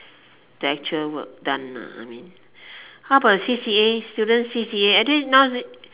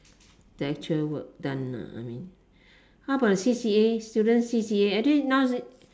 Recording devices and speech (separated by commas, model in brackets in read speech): telephone, standing microphone, conversation in separate rooms